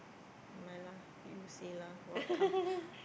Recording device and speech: boundary microphone, conversation in the same room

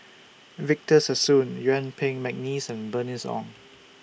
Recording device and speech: boundary microphone (BM630), read sentence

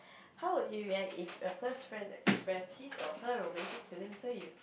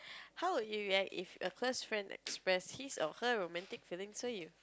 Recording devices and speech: boundary microphone, close-talking microphone, conversation in the same room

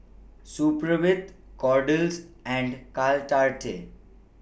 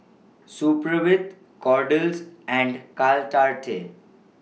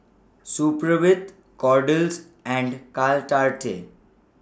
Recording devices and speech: boundary microphone (BM630), mobile phone (iPhone 6), standing microphone (AKG C214), read sentence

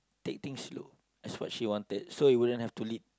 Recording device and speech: close-talking microphone, conversation in the same room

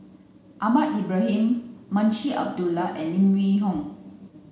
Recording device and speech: mobile phone (Samsung C9), read sentence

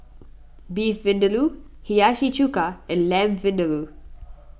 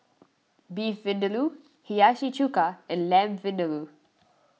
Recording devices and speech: boundary microphone (BM630), mobile phone (iPhone 6), read sentence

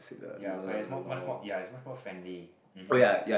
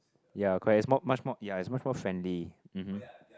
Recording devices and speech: boundary microphone, close-talking microphone, conversation in the same room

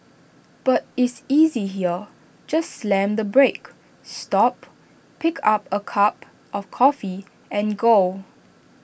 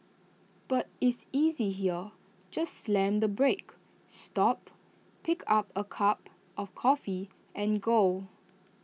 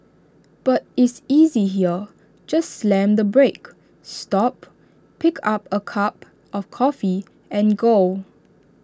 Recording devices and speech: boundary microphone (BM630), mobile phone (iPhone 6), standing microphone (AKG C214), read sentence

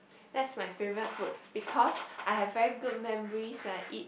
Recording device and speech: boundary microphone, conversation in the same room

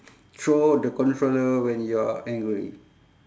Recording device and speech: standing microphone, conversation in separate rooms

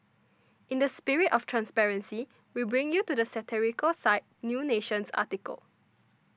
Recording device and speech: standing microphone (AKG C214), read sentence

